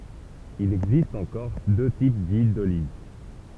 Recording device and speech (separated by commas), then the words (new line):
temple vibration pickup, read sentence
Il existe en Corse deux types d'huiles d'olive.